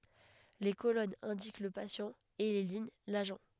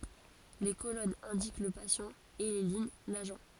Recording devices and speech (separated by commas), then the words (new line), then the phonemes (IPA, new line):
headset microphone, forehead accelerometer, read sentence
Les colonnes indiquent le patient, et les lignes l'agent.
le kolɔnz ɛ̃dik lə pasjɑ̃ e le liɲ laʒɑ̃